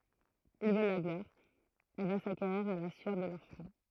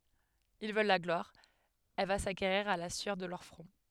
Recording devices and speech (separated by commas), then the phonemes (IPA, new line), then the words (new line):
throat microphone, headset microphone, read sentence
il vœl la ɡlwaʁ ɛl va sakeʁiʁ a la syœʁ də lœʁ fʁɔ̃
Ils veulent la gloire, elle va s’acquérir à la sueur de leur front.